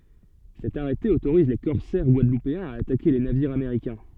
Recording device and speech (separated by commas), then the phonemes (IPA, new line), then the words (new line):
soft in-ear microphone, read sentence
sɛt aʁɛte otoʁiz le kɔʁsɛʁ ɡwadlupeɛ̃z a atake le naviʁz ameʁikɛ̃
Cet arrêté autorise les corsaires guadeloupéens à attaquer les navires américains.